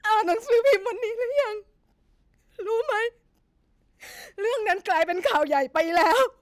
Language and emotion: Thai, sad